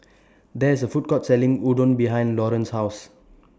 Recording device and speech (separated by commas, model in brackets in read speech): standing microphone (AKG C214), read sentence